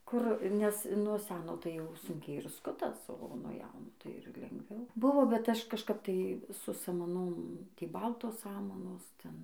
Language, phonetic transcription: Lithuanian, ˈkur nes nuo ˈseno tai jau ˈsunkiai ir ˈskutas o nuo ˈjauno tai ir lengˈviau ˈbuvo bet ˈaš kažˈkap tai su samaˈnom ˈtį ˈbaltos ˈsamanos ˈten

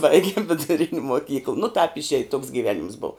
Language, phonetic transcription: Lithuanian, ˈbaigim viduˈrin' moˈkykl nu tāp išˈėj toks gyˈvenims bov

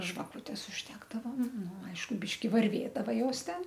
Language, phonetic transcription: Lithuanian, žvaˈkūtes užˈdegdavom ˈnu ˈaišku ˈbyški varˈvėdava ˈjos ˈten

